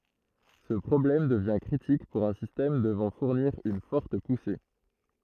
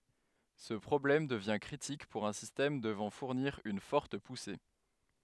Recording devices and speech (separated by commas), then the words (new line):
throat microphone, headset microphone, read sentence
Ce problème devient critique pour un système devant fournir une forte poussée.